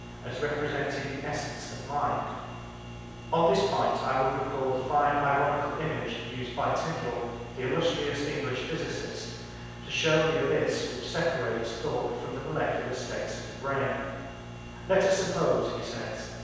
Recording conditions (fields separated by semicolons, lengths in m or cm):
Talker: one person; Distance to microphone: 7.1 m; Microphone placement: far; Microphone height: 1.7 m; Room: very reverberant, large; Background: none